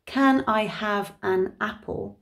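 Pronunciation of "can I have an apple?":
The question is said slowly and enunciated, with only one schwa, in the second syllable of 'apple'.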